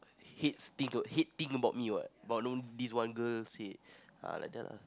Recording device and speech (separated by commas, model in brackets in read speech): close-talking microphone, conversation in the same room